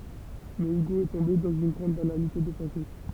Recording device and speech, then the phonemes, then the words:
temple vibration pickup, read sentence
mɛ yɡo ɛ tɔ̃be dɑ̃z yn ɡʁɑ̃d banalite də pɑ̃se
Mais Hugo est tombé dans une grande banalité de pensée.

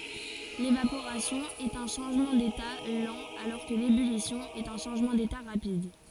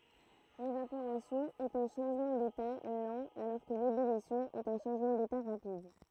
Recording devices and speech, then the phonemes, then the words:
forehead accelerometer, throat microphone, read sentence
levapoʁasjɔ̃ ɛt œ̃ ʃɑ̃ʒmɑ̃ deta lɑ̃ alɔʁ kə lebylisjɔ̃ ɛt œ̃ ʃɑ̃ʒmɑ̃ deta ʁapid
L'évaporation est un changement d'état lent alors que l'ébullition est un changement d'état rapide.

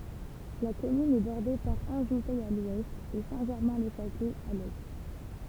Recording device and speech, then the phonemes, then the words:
temple vibration pickup, read sentence
la kɔmyn ɛ bɔʁde paʁ ɑ̃ʒutɛ a lwɛst e sɛ̃tʒɛʁmɛ̃lɛʃatlɛ a lɛ
La commune est bordée par Anjoutey à l'ouest et Saint-Germain-le-Châtelet à l'est.

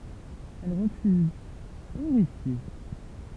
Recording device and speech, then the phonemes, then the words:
temple vibration pickup, read sentence
ɛl ʁəfyz oʁifje
Elle refuse, horrifiée.

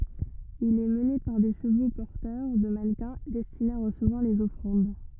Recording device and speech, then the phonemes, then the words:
rigid in-ear microphone, read sentence
il ɛ məne paʁ de ʃəvo pɔʁtœʁ də manəkɛ̃ dɛstinez a ʁəsəvwaʁ lez ɔfʁɑ̃d
Il est mené par des chevaux porteurs de mannequins destinés à recevoir les offrandes.

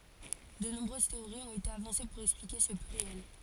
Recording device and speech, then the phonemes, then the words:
forehead accelerometer, read sentence
də nɔ̃bʁøz teoʁiz ɔ̃t ete avɑ̃se puʁ ɛksplike sə plyʁjɛl
De nombreuses théories ont été avancées pour expliquer ce pluriel.

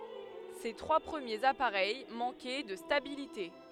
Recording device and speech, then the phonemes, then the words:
headset microphone, read sentence
se tʁwa pʁəmjez apaʁɛj mɑ̃kɛ də stabilite
Ses trois premiers appareils manquaient de stabilité.

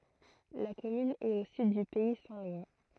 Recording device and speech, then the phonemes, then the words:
throat microphone, read sentence
la kɔmyn ɛt o syd dy pɛi sɛ̃ lwa
La commune est au sud du pays saint-lois.

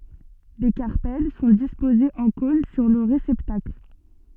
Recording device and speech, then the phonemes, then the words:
soft in-ear microphone, read sentence
le kaʁpɛl sɔ̃ dispozez ɑ̃ kɔ̃n syʁ lə ʁesɛptakl
Les carpelles sont disposés en cône sur le réceptacle.

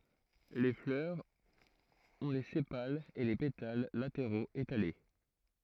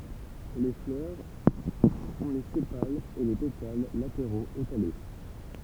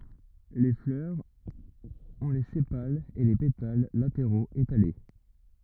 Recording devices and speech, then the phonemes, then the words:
throat microphone, temple vibration pickup, rigid in-ear microphone, read sentence
le flœʁz ɔ̃ le sepalz e le petal lateʁoz etale
Les fleurs ont les sépales et les pétales latéraux étalés.

